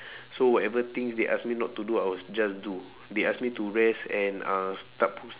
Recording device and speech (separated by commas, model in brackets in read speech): telephone, conversation in separate rooms